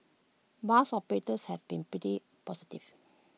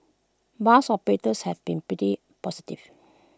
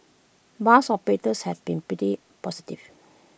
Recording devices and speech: mobile phone (iPhone 6), close-talking microphone (WH20), boundary microphone (BM630), read sentence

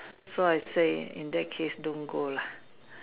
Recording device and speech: telephone, conversation in separate rooms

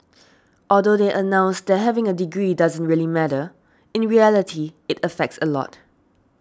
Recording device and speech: standing microphone (AKG C214), read sentence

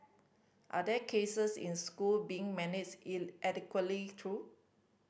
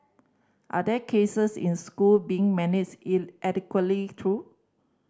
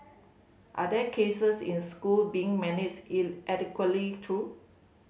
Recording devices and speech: boundary microphone (BM630), standing microphone (AKG C214), mobile phone (Samsung C5010), read sentence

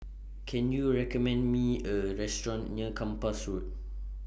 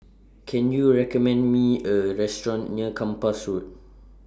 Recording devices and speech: boundary microphone (BM630), standing microphone (AKG C214), read sentence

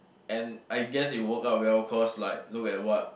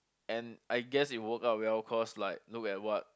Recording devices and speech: boundary microphone, close-talking microphone, conversation in the same room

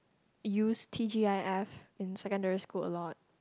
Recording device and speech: close-talking microphone, conversation in the same room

